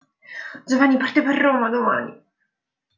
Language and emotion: Italian, fearful